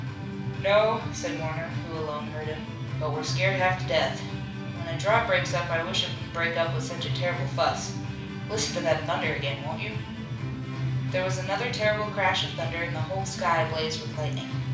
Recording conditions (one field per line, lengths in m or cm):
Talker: one person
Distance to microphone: 5.8 m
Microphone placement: far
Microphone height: 1.8 m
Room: medium-sized (5.7 m by 4.0 m)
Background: music